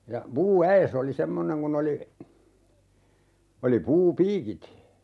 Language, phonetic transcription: Finnish, ja 'puu₍"ä₍es ‿oli 'semmoneŋ kun ‿oli , oli 'puu"piikit .
- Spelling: ja puuäes oli semmoinen kun oli oli puupiikit

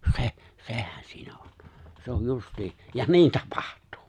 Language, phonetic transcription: Finnish, se̬’ , 'se̬hän sɪɪɴᴀ̈ ᴏɴ , 'se̬ ‿oj 'just̀ii , ja 'niin "tᴀpᴀʜt̀ᴜᴜ .
- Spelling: se sehän siinä on se on justiin ja niin tapahtuu

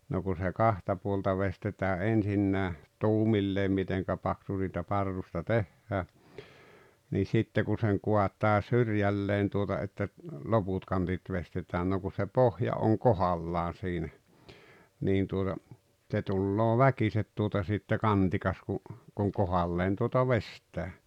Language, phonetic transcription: Finnish, no ku se "kahta puolta 'vestetää '’ensinnää , "tuumilleem 'miteŋkä paksu siitä 'parrusta "tehhää , nii 'sitte ku seŋ 'ko̭at̀aa "syrjälleen tuota että , "loput 'kantit 'vestet̀ään no ku se "pohja oŋ "kohallaan̬ siinä , 'niin tuota , ᵗse 'tulloo "väkiset tuota sitte "kantikas ku , kuŋ 'kohalleen tuota "vest̀ää .
- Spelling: no kun se kahta puolta veistetään ensinnäkin tuumilleen miten paksu siitä parrusta tehdään niin sitten kun sen kaataa syrjälleen tuota että loput kantit veistetään no kun se pohja on kohdallaan siinä niin tuota se tulee väkisin tuota sitten kantikas kun kun kohdalleen tuota veistää

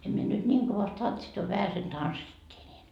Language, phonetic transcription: Finnish, 'em mie nyt 'ńiiŋ kovast 'tantsit a 'vähäsen "tanssittii ńiin .
- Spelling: en minä nyt niin kovasti tanssinut a vähäsen tanssittiin niin

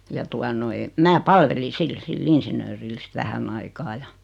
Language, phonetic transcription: Finnish, ja 'tua noi , 'mää "palveli 'sil sil'l ‿insiǹööril sit 'vähänn ‿aikaa ja .
- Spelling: ja tuota noin minä palvelin sillä sillä insinöörillä sitten vähän aikaa ja

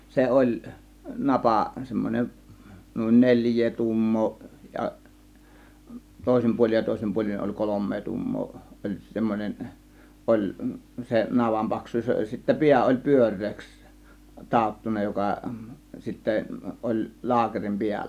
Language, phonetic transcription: Finnish, 'se "ˀoĺ , "napà , 'semmon͕en , nùin "neĺj̆jee 'tuummoo ja , 'tòėsim puol͕in ja 'tòėsim puol͕in oĺ "kolommee 'tuummoo , oĺ 'semmonen , 'ˀoĺ , 'se navam "paks̀uus oĺ ja sittä "piä oĺ "pyör̆reeks , 'tàottuna 'joka , 'sittä , ˀoĺ 'laakerim "piällä .
- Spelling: se oli napa semmoinen niin neljää tuumaa ja toisin puolin ja toisin puolin oli kolme tuumaa oli semmoinen oli se navan paksuus oli ja sitten pää oli pyöreäksi taottu joka sitten oli laakerin päällä

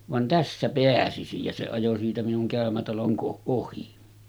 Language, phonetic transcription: Finnish, » van 'tässä peäsisij « ja se ajo siitä minuŋ 'kä̀ömätaloŋ ko-ˀ ˀohi .
- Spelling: vaan tässä pääsisi ja se ajoi siitä minun käymätalon - ohi

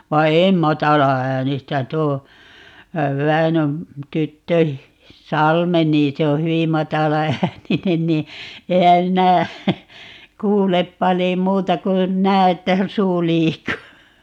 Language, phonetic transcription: Finnish, vai̮ "em 'matala₍äänistä - 'tuo , "Väinöm , 'tyttö , "Salme nii 'se o "hyvi 'matala₍ääninen nii , 'ehä minä , "kuulep 'palii "muuta kun , 'nää että "suu 'liikkuu .
- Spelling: vaan en matalaäänistä tuo Väinön tyttö Salme niin se on hyvin matalaääninen niin enhän minä kuule paljon muuta kuin näen että suu liikkuu

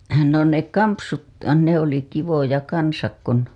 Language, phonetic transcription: Finnish, no ne 'kampsut , ne ‿oli kivoja 'kansak kun .
- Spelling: no ne kampsut ne oli kivoja kanssa kun

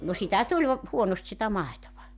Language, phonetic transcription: Finnish, no 'sitä 'tuĺ , 'huonost sitä 'màetova .
- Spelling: no sitä tuli huonosti sitä maitoa

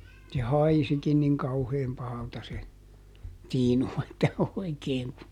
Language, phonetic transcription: Finnish, se "haisikin niŋ ˈkauheem ˈpahalta se , ˈtiinu että ˈoikeeŋ ku ,.
- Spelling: se haisikin niin kauhean pahalta se tiinu että oikein kun

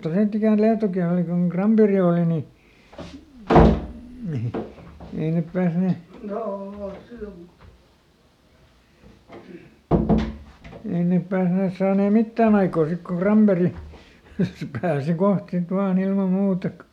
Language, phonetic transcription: Finnish, "sitt ‿ikä̀n ˈLiatoki oli koŋ "Kramperi ooli ni , ei nep ˈpääsne , ˈei nèp ˈpääsnees ˈsaanee "mittään ‿aikoo ˈsik koŋ "KramBeri , se ˈpääsi "koht sit ˈvaaˈn ‿ilma ˈmuuta k(o) .
- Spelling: sitten ikänä Lietokin oli kun Granberg oli niin ei ne päässeet ei ne päässeet saaneet mitään aikaan sitten kun Granberg se pääsi kohta sitten vain ilman muuta kun

